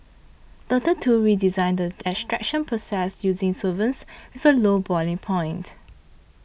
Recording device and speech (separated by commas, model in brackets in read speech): boundary microphone (BM630), read sentence